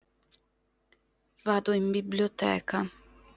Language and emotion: Italian, sad